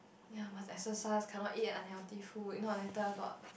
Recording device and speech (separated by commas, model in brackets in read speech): boundary microphone, conversation in the same room